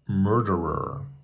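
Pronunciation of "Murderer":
'Murderer' is said with the proper North American pronunciation.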